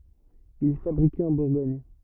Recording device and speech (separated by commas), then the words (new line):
rigid in-ear microphone, read sentence
Il est fabriqué en Bourgogne.